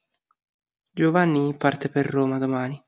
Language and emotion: Italian, sad